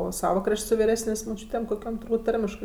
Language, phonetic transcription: Lithuanian, o ˈsava ˈkrašt' su viˈresnės' moˈčiūtėm koˈkiom turˈbūt ˈtarmiškɜ

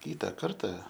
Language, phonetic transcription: Lithuanian, ˈkytą ˈkarta

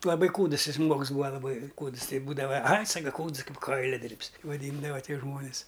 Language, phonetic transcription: Lithuanian, laˈbai ˈkūdəs ˈjis ˈžmuogs ˈbūva laˈbai ˈkūds ˈtai ˈbūdava ai ˈsaka ˈkūds ˈkaip ˈkailiadirb's vaˈdyndava ˈtie ˈžmonis

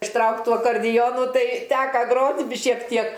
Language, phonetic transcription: Lithuanian, išˈtraukt ˈtų akarˈdijonu ˈtai ˈteka ˈgrot' bi šiek ˈtiek

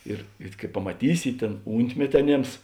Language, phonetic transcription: Lithuanian, ˈir ir kai pamaˈtysi ˈtėn ˈūntmeti aˈnėms

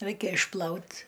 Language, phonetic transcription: Lithuanian, ˈraikia išˈplaut

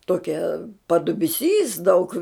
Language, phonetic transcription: Lithuanian, ˈtokia padubiˈsys daug

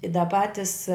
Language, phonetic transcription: Lithuanian, i da ˈpatis

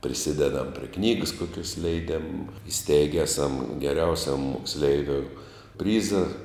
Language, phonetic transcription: Lithuanian, priˈsidedam prie ˈknygəs ˈkokios leiˈdėm iˈsteige ˈeˌsam geˈriausiam moksˈleiviou ˈpryza

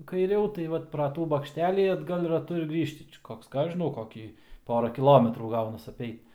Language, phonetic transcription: Lithuanian, kaiˈriau tai ˈvat pra ˈtų bakšˈtelį atˈgal raˈtu ir ˈgrįžti ˈčia ˈkoks ˈką ˈaš žiˈnau ˈkokį ˈpora kiˈlometrų ˈgaunas apˈeit

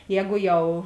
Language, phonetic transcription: Lithuanian, ˈjēgu ˈjau

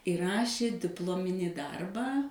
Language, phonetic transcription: Lithuanian, i ˈrašė dipˈlominį ˈdarbą

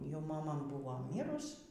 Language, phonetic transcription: Lithuanian, jau maˈma ˈbuvo ˈmyrus

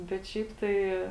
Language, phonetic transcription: Lithuanian, bet ˈšiaip ˈtai

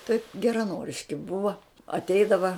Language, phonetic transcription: Lithuanian, taip geraˈnoriški ˈbuva atˈeidava

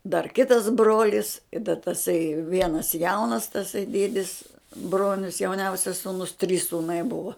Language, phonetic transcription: Lithuanian, dar ˈkitas ˈbrolis i da taˈsai ˈvienas ˈjaunas taˈsai ˈdiedis ˈbronius jauˈniausias sūˈnus trys sūˈnai ˈbuva

